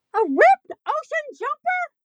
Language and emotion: English, surprised